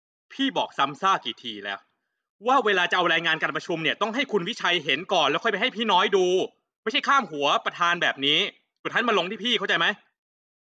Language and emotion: Thai, angry